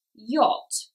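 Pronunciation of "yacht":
'Yacht' is pronounced correctly here, not as 'yakt'.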